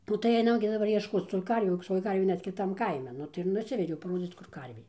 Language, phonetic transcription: Lithuanian, ˈnu tai ˈainam gi daˈbar iešˈkoc tų ˈkarvių toj ˈkarvė ˈnet kiˈtam ˈkaime ˈnu tai ir ˈnusvediau paˈrodzyc kur ˈkarvė

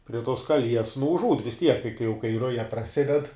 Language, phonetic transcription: Lithuanian, prie tos kaˈlies nu užˈūd vis tiek kai kai jau kai ˈruja praˈsided

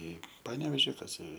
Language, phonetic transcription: Lithuanian, ˈį ˈpanevėži kas i

